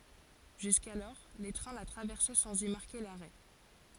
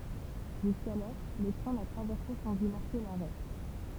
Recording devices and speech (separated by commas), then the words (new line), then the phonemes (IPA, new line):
forehead accelerometer, temple vibration pickup, read sentence
Jusqu'alors, les trains la traversaient sans y marquer l'arrêt.
ʒyskalɔʁ le tʁɛ̃ la tʁavɛʁsɛ sɑ̃z i maʁke laʁɛ